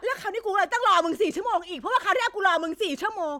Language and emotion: Thai, angry